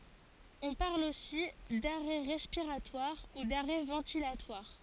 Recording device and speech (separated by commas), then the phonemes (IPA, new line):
forehead accelerometer, read sentence
ɔ̃ paʁl osi daʁɛ ʁɛspiʁatwaʁ u daʁɛ vɑ̃tilatwaʁ